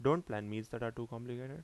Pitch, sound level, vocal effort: 120 Hz, 82 dB SPL, normal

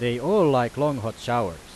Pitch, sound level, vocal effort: 125 Hz, 94 dB SPL, very loud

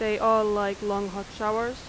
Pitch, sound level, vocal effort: 210 Hz, 90 dB SPL, loud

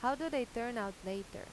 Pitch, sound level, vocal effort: 235 Hz, 88 dB SPL, normal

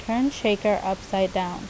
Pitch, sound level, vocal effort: 200 Hz, 81 dB SPL, normal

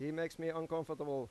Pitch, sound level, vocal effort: 160 Hz, 91 dB SPL, normal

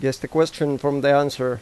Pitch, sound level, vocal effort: 140 Hz, 89 dB SPL, normal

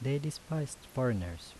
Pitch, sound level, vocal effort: 130 Hz, 77 dB SPL, soft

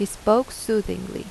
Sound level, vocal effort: 83 dB SPL, normal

